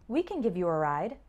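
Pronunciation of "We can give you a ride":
In 'We can give you a ride', 'can' sounds more like 'kin', and the stress falls on 'give'.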